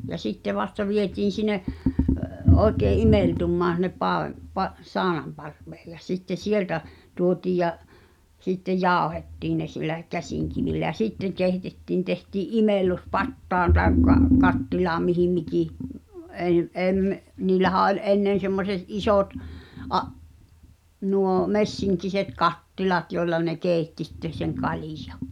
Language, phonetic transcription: Finnish, ja 'sitte vasta 'vietiin̬ sine , '’ooᵉkee "’imèltummaan̬ (s)in̆nep paavem- , pa- , "saanamparV̀ᴇᴇ ᴊᴀ sitte "sieltä , 'tuotiiʲ ja , sittej̆ "jàu̬hettiin ne sillä , 'käsìŋkivillä ʲä "sitteᵑ kèitettìn 'tehtii’ "’imellu̬s 'pattaan tàekka , 'kattilaam mihim 'miki , ’en̬- ’em- , niillähä oĺ "’ennen semmose(t) 'isòt , ’a- , nù̳ò̳ 'messiŋkiset "kattilat joi̬lla ne "keeⁱtti sitte seŋ 'kalijᴀ .
- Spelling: ja sitten vasta vietiin sinne oikein imeltymään sinne - - saunanparvelle ja sitten sieltä tuotiin ja sitten jauhettiin ne sillä käsinkivillä ja sitten keitettiin tehtiin imellys pataan tai kattilaan mihin mikin - - niillähän oli ennen semmoiset isot - nuo messinkiset kattilat joilla ne keitti sitten sen kaljan

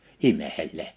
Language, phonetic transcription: Finnish, 'ime(ʰellee) .
- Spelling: imeskelee

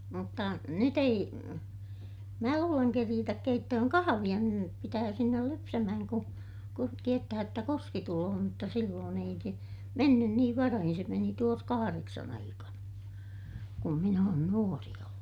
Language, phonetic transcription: Finnish, mutta , nyt ‿ei , mää luuleŋ keriitäk keittöhöŋ kahaviʲa - niirem pitää sinnel lypsämähäŋ ku , kun tiettähäj jotta kuski tuloo mutta silloon ei se , mennyn niiv varahin se meni tuos kahareksan ‿aikana , kum min ‿oon nuori ollu .
- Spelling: mutta nyt ei minä luulen keritä keittämään kahvia niiden pitää sinne lypsämään kun kun tiedetään jotta kuski tulee mutta silloin ei se mennyt niin varhain se meni tuossa kahdeksan aikana kun minä olen nuori ollut

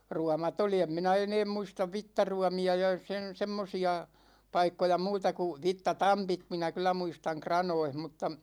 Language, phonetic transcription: Finnish, 'ruamat ‿oli , 'em minä "eneem 'muistav "vittaruami₍a ja 'sen̬ 'semmosi₍a , "paikkoja 'muuta ku , 'vitta"tampit 'minä kyl̆lä 'muistaŋ "kranoih m̥tta .
- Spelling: ruomat oli en minä enää muista vitsaruomia ja sen semmoisia paikkoja muuta kuin vitsatampit minä kyllä muistan kranoissa mutta

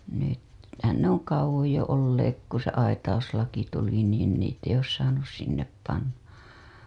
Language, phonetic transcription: Finnish, nyt- , -hän ne ‿oŋ 'kauwoj jo olleek ku se 'aitauslaki tuli niin niit ‿eij̆j ‿oos 'saanus 'sinnep panna .
- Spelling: - nythän ne on kauan jo olleet kun se aitauslaki tuli niin niitä ei ole saanut sinne panna

